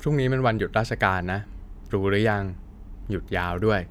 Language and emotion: Thai, neutral